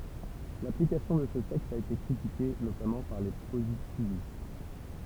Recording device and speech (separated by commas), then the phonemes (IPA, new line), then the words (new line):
temple vibration pickup, read sentence
laplikasjɔ̃ də sə tɛkst a ete kʁitike notamɑ̃ paʁ le pozitivist
L'application de ce texte a été critiquée, notamment par les positivistes.